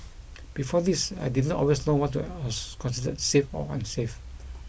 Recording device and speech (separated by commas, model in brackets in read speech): boundary microphone (BM630), read sentence